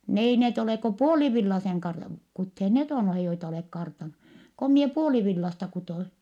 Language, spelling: Finnish, ne ei ne ole kuin puolivillaisen - kuteet ne on joita olet kartannut kun minä puolivillaista kudoin
- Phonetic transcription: » n ‿ei net ‿olè ko puolivillaseŋ kar(ta) , kuthee net ‿on joita olèk kartanu , ko mie puolivillasta kutoi . »

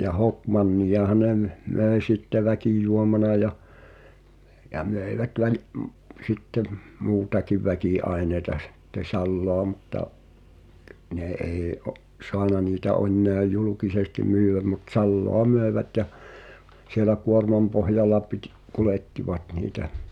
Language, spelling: Finnish, ja hokmanniahan ne - möi sitten väkijuomana ja ja möivät - - sitten - muutakin väkiaineita sitten salaa mutta ne ei - saanut niitä enää julkisesti myydä mutta salaa myivät ja siellä kuormanpohjalla - kuljettivat niitä
- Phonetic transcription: ja "hokmannijaha ne m- , 'mö̀i̬ sitte "väkìjuomana ja , ja 'mö̀ivät väl- , ’m- , sitte m- , "muutakiv 'väkì'aenei̬ta sᴵtte "salloa mutta , 'ne ei o’- , 'soana niitä ('ońńeä) "julukisesti 'myyẅäm mut "salloa 'möevät jä , sielä 'kuormampohjal̆la pitᴵ- "kulèttivat niitä .

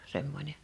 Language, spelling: Finnish, semmoinen
- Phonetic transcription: 'semmońe .

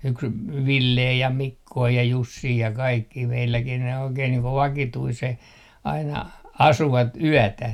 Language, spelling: Finnish, yksi Ville ja Mikko ja Jussi ja kaikkia meilläkin ne oikein niin kuin vakituiseen aina asuivat yötä
- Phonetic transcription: 'yks , "Villee ja "Mikkoo ja "Jussii ja 'kaikkii 'meilläkin ne 'oikeen niiŋ ko "vakituiseh , aina "asuvat "yätä .

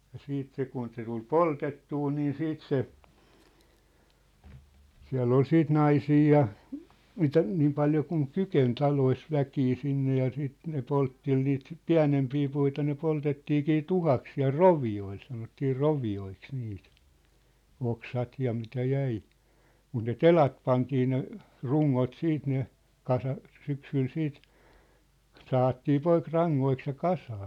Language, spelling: Finnish, ja sitten se kun se tuli poltettua niin sitten se siellä oli sitten naisia ja mitä niin paljon kuin kykeni taloissa väkeä sinne ja sitten ne poltteli niitä pienempiä puita ne poltettiinkin tuhkaksi siellä rovioille sanottiin rovioiksi niitä oksat ja mitä jäi mutta ne telat pantiin ne rungot siitä ne kasasi syksyllä siitä sahattiin poikki rangoiksi ja kasaan
- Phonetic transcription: ja 'siit se kun se tul "poltettuu niin 'siit se , 'siä̭ll ‿ol 'siit "naisii ja , 'mitä , 'niim paljo kuŋ "kyken 'talois 'väkii 'sinne ja 'siit ne "polttel niit , "piä̭nempii 'puita ne 'poltettiikii "tuhaks siä̭l "rovi₍oil sanottii "rovi₍oiks niit , 'oksat ja mitä 'jäi , mut ne "telat pantii ne , "ruŋŋot 'siit ne , "kasas 'syksyl 'siit , 'sahattii 'poik "raŋŋoiks ja "kasaa .

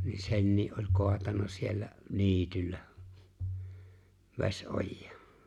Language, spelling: Finnish, niin senkin oli kaatanut siellä niityllä vesiojaan
- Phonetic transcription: ni "sennii’ ’oĺ 'ko̭atanna siellä , "ni̬ityllä , 'ves'’ojjᴀᴀ .

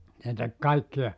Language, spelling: Finnish, se teki kaikkia
- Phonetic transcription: se tek 'kaikkija .

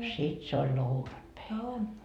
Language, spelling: Finnish, sitten se oli lounatpäivä
- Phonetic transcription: 'sit se oĺ "lounatpäivä .

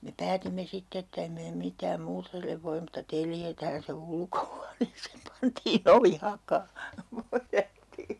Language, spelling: Finnish, me päätimme sitten että emme me mitään muuta sille voi mutta teljetään se ulkohuoneeseen pantiin ovi hakaan
- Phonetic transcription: me 'päätimme 'sitte ett ‿em mee 'mit̆tääm 'muutᵃ sillev voim mutta "teljetään se "ulkohuaneeseem 'pantii"n ‿ovi 'hakaa , (- -) .

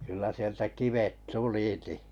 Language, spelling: Finnish, kyllä sieltä kivet tulikin
- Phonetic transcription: kyllä sieltä 'kivet ("suliti) .

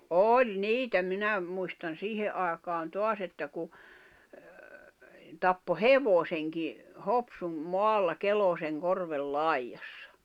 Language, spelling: Finnish, oli niitä minä muistan siihen aikaan taas että kun tappoi hevosenkin Hopsun maalla Kelosenkorven laidassa
- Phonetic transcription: ’òĺ "niitä 'minä , muistan̬ 'siihe’ ’ài̬kaan 'toas ‿että ku , tappo "hevoseŋki , "Hopsum , 'moalla "Kelòseŋ"korvel "laiʲassᴀ .

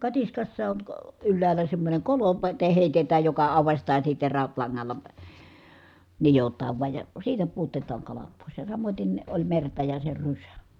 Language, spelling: Finnish, katiskassa on - ylhäällä semmoinen kolo - - heitetään joka aukaistaan sitten rautalangalla nidotaan vain ja siitä pudotetaan kalat pois ja samoiten oli merta ja se rysä
- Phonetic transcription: katiskassa on , k- , ylläälä semmońeŋ kolo (pə te) hèitetääj joka àuvastaa sìtte ràutlaŋŋalla , nijot̀aav vuaj ja , siitä puotetaaŋ kalat pòis ja samoten , oĺ merta ja se rysä .

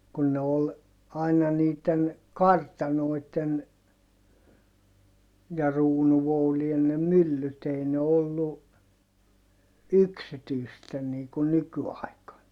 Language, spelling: Finnish, kun ne oli aina niiden kartanoiden ja kruununvoutien ne myllyt ei ne ollut yksityisten niin kuin nykyaikana
- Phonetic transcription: kun ne ol , aina niit̆ten , kartanoit̆ten , ja ruunuvoulien ne myllyt ‿ei ne ollu , yksityisten nii kun nyky₍àikan .

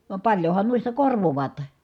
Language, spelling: Finnish, vaan paljonhan noista korvaavat
- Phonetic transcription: vam paljohan nuista korvovaat .

